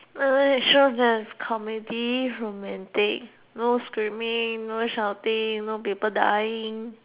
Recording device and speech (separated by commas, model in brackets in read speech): telephone, conversation in separate rooms